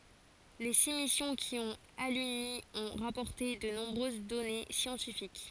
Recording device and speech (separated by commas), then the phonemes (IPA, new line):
forehead accelerometer, read sentence
le si misjɔ̃ ki ɔ̃t alyni ɔ̃ ʁapɔʁte də nɔ̃bʁøz dɔne sjɑ̃tifik